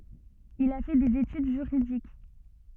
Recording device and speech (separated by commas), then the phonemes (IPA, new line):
soft in-ear microphone, read sentence
il a fɛ dez etyd ʒyʁidik